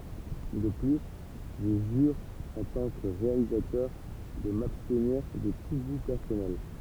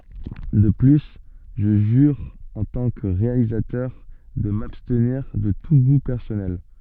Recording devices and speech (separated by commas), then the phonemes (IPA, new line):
temple vibration pickup, soft in-ear microphone, read sentence
də ply ʒə ʒyʁ ɑ̃ tɑ̃ kə ʁealizatœʁ də mabstniʁ də tu ɡu pɛʁsɔnɛl